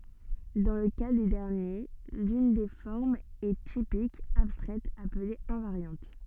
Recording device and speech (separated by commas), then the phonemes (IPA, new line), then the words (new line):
soft in-ear microphone, read sentence
dɑ̃ lə ka de dɛʁnje lyn de fɔʁmz ɛ tipik abstʁɛt aple ɛ̃vaʁjɑ̃t
Dans le cas des derniers, l’une des formes est typique, abstraite, appelée invariante.